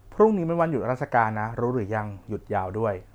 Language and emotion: Thai, neutral